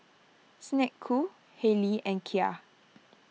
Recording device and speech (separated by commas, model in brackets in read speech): mobile phone (iPhone 6), read sentence